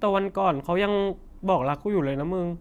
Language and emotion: Thai, sad